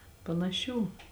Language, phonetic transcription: Lithuanian, panaˈšių

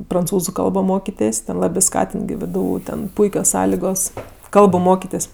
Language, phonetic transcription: Lithuanian, pranˈcūzu ˈkalbo ˈmokitės' ten ˈlabė ˈskatint gi ˈvdu ˈten ˈpuikios ˈsąligos ˈkalbu ˈmokitės'

